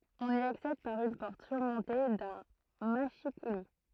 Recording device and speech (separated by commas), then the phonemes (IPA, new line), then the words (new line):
throat microphone, read sentence
ɔ̃n i aksɛd paʁ yn pɔʁt syʁmɔ̃te dœ̃ maʃikuli
On y accède par une porte surmontée d'un mâchicoulis.